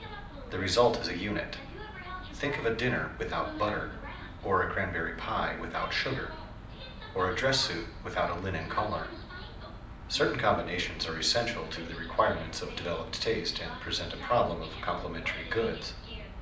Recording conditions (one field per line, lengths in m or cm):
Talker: one person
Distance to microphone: 2.0 m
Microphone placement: close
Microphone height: 99 cm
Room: medium-sized (5.7 m by 4.0 m)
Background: television